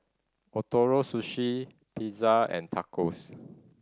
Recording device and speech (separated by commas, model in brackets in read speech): standing microphone (AKG C214), read sentence